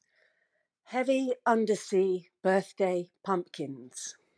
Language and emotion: English, neutral